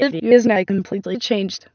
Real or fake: fake